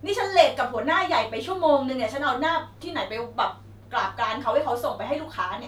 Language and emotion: Thai, angry